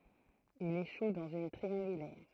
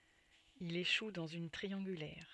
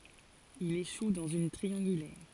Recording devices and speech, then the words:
throat microphone, soft in-ear microphone, forehead accelerometer, read sentence
Il échoue dans une triangulaire.

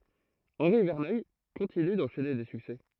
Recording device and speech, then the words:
throat microphone, read sentence
Henri Verneuil continue d'enchaîner des succès.

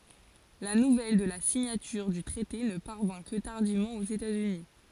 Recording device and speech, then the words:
forehead accelerometer, read sentence
La nouvelle de la signature du traité ne parvint que tardivement aux États-Unis.

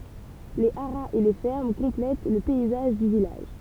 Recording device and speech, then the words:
temple vibration pickup, read sentence
Les haras et les fermes complètent le paysage du village.

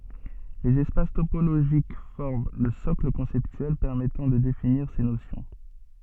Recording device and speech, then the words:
soft in-ear microphone, read sentence
Les espaces topologiques forment le socle conceptuel permettant de définir ces notions.

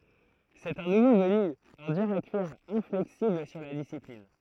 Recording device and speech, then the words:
throat microphone, read sentence
C'est un nouveau venu, un dur à cuire, inflexible sur la discipline.

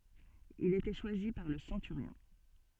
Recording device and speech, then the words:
soft in-ear microphone, read sentence
Il était choisi par le centurion.

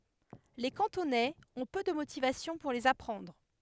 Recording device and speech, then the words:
headset microphone, read sentence
Les Cantonais ont peu de motivations pour les apprendre.

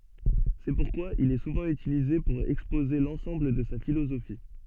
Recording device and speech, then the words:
soft in-ear microphone, read sentence
C'est pourquoi il est souvent utilisé pour exposer l'ensemble de sa philosophie.

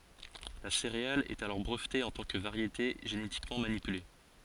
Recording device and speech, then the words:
forehead accelerometer, read sentence
La céréale est alors brevetée en tant que variété génétiquement manipulée.

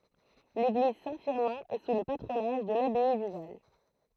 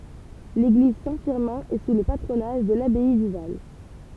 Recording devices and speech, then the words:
throat microphone, temple vibration pickup, read sentence
L'église Saint-Firmin est sous le patronage de l'abbaye du Val.

